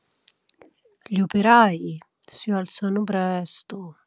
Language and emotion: Italian, sad